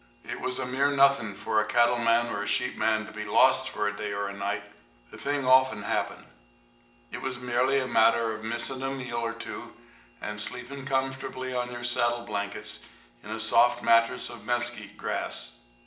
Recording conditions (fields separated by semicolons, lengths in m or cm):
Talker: one person; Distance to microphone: 1.8 m; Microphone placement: close; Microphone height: 1.0 m; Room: large; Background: none